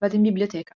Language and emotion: Italian, neutral